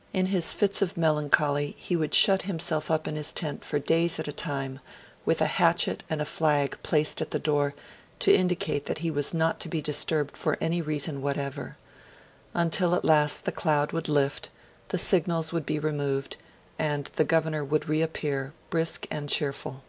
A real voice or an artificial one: real